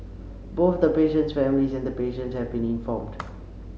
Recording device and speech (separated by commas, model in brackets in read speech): mobile phone (Samsung C7), read sentence